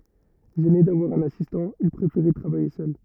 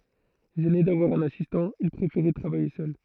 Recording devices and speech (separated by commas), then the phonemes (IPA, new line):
rigid in-ear microphone, throat microphone, read sentence
ʒɛne davwaʁ œ̃n asistɑ̃ il pʁefeʁɛ tʁavaje sœl